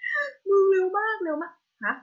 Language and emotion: Thai, happy